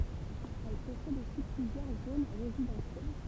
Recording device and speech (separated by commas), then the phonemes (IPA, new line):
temple vibration pickup, read sentence
ɛl pɔsɛd osi plyzjœʁ zon ʁezidɑ̃sjɛl